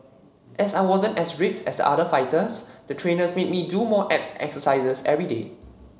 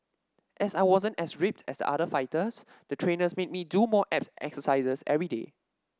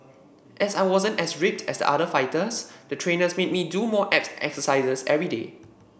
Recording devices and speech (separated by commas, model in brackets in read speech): mobile phone (Samsung C7), standing microphone (AKG C214), boundary microphone (BM630), read sentence